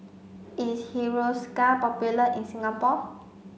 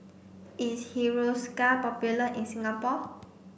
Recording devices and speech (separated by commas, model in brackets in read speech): mobile phone (Samsung C5), boundary microphone (BM630), read sentence